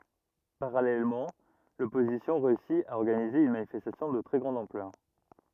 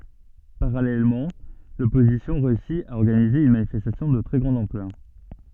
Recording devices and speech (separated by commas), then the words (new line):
rigid in-ear microphone, soft in-ear microphone, read sentence
Parallèlement, l'opposition réussit à organiser une manifestation de très grande ampleur.